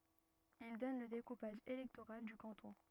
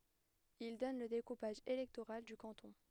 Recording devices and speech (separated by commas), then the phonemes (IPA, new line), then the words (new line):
rigid in-ear microphone, headset microphone, read sentence
il dɔn lə dekupaʒ elɛktoʁal dy kɑ̃tɔ̃
Ils donnent le découpage électoral du canton.